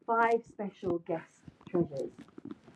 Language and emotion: English, fearful